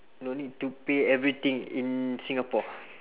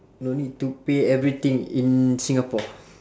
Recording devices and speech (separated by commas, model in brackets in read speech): telephone, standing microphone, conversation in separate rooms